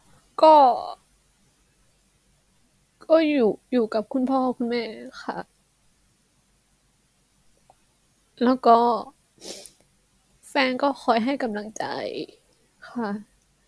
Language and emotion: Thai, sad